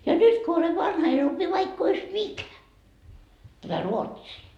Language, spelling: Finnish, ja nyt kun olen vanha en opi vaikka olisi mikä tätä ruotsia
- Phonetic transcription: ja "nyt ko ole 'vanha en ‿opi vaikk ‿ois "mikä , tätä "ruotsii .

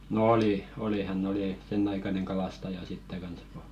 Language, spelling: Finnish, no oli oli hän oli sen aikainen kalastaja sitten kanssa kun
- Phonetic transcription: nᵒ "oli , oli , hän'n ‿oli , "senn ‿aikaneŋ 'kalastaja sitte 'kans ko ,.

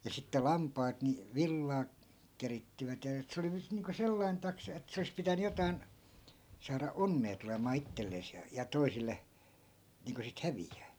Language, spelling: Finnish, ja sitten lampaat niin villaa keritsivät ja että se oli nyt niin kuin sellainen taksa että se olisi pitänyt jotakin saada onnea tulemaan itselleen ja ja toisille niin kuin sitten häviää
- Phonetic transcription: ja 'sitte 'lampaat ni , "villaa , 'kerittivät ja et 'se oli nyt 'niiŋko "sellain taksa et 'se olis pitäny 'jotai̮n , 'saara "onnee tulemaa 'ittellees ja , ja 'toisille , 'niiŋko sit 'hävijjää .

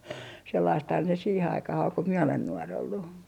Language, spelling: Finnish, sellaistahan se siihen aikaan oli kun minä olen nuori ollut
- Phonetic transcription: 'sellaisthan se "siihe 'aikah ol ko mie olen 'nuor ‿ollu .

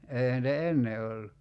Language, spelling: Finnish, eihän niitä ennen ollut
- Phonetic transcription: 'eihän nitä "enne ollu .

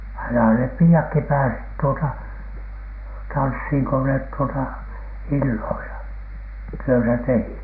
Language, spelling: Finnish, aina ne piiatkin pääsivät tuota tanssiin kun ne tuota illoilla työtä tekivät niin
- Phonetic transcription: aina nep 'pii₍akki pääsit tuota , 'tanshiŋ ko net tuota , "illoila , 'työtä 'tehit niiN .

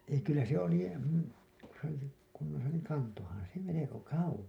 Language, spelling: Finnish, ei kyllä se oli kun se oli se kunnossa niin kantoihan se melko kauas
- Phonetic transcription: ei kyllä se oli , ku se ‿oli , se , kunnosa niiŋ "kantohan se 'meleko "kauwos .

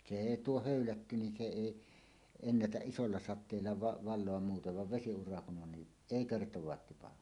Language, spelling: Finnish, se ei tuo höylätty niin se ei ennätä isolla sateella - valua muuten vaan vesiura kun on niin ei kertaakaan tipahda
- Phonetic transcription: se "èi "tuo "hö̀ylätty nin se "èi , 'ennätäˀ 'ˀisolla 'sat̆teella va- , 'val̆loam muutev vav 'vesi₍ura kun ’on ni , "èi "kertowaat tipaha .

